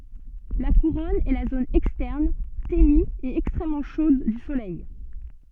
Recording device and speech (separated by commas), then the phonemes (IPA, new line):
soft in-ear microphone, read sentence
la kuʁɔn ɛ la zon ɛkstɛʁn teny e ɛkstʁɛmmɑ̃ ʃod dy solɛj